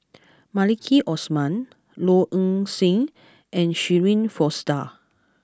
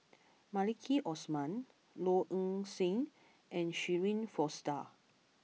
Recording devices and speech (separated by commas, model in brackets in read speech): close-talking microphone (WH20), mobile phone (iPhone 6), read sentence